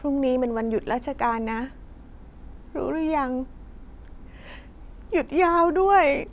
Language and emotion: Thai, sad